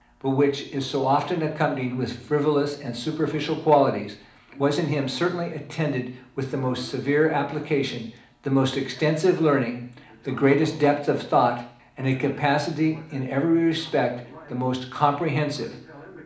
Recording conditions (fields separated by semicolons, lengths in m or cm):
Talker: one person; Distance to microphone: 2.0 m; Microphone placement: close; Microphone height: 99 cm; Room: medium-sized (5.7 m by 4.0 m); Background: television